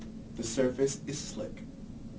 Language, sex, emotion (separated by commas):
English, male, neutral